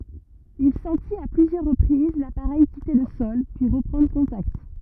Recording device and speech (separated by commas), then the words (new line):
rigid in-ear microphone, read sentence
Il sentit à plusieurs reprises l'appareil quitter le sol, puis reprendre contact.